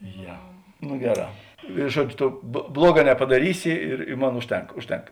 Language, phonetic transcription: Lithuanian, ˈje nu ˈgeˌrā i ˈžuodž' ˈto ˈbluoˌgā nepadaˈrysi ir i ˈmon ˈužˌtenk ˈužˌtenk

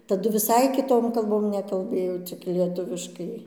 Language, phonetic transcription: Lithuanian, taˈdu viˈsai kiˈtom kalˈbom nekalˈbɘjo cik lieˈtuviškai

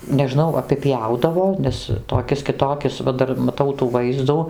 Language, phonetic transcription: Lithuanian, neˈžnau apiˈpjaudavo ˈnes toˈkis kiˈtokis va ˈdar maˈtau tų ˈvaizdų

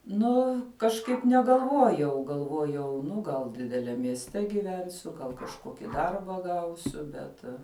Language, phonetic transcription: Lithuanian, ˈnu kažˈkaip negalˈvuojau galˈvuojau ˈnu gal dideˈliam miesˈte giˈvensiu gal kažˈkoki ˈdarba ˈgausiu ˈbet

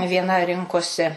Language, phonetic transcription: Lithuanian, vieˈna ˈrinkosi

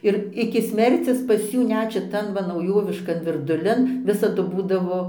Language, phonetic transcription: Lithuanian, ir iki ˈsmercis pas ˈjų ˈnet šiˈtan va nauˈjoviškan virduˈlin ˈvisadu ˈbūdavo

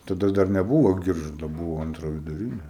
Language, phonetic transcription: Lithuanian, taˈda dar neˈbūvo ˈgiržado ˈbūvo ˈantra viduˈrini

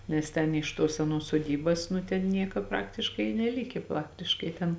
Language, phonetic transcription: Lithuanian, nes ˈten iš ˈtuos seˈnuos suoˈdybas nu ˈten ˈnieka ˈpraktiškai i neˈlikė ˈpraktiškai ten

